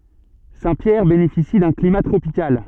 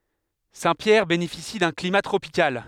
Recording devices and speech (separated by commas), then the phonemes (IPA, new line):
soft in-ear microphone, headset microphone, read sentence
sɛ̃tpjɛʁ benefisi dœ̃ klima tʁopikal